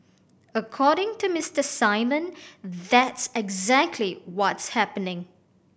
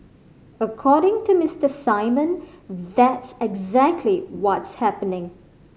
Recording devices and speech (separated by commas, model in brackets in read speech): boundary microphone (BM630), mobile phone (Samsung C5010), read sentence